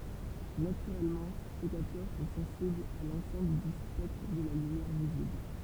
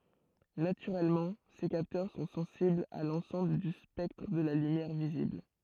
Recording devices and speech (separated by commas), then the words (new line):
temple vibration pickup, throat microphone, read sentence
Naturellement, ces capteurs sont sensibles à l'ensemble du spectre de la lumière visible.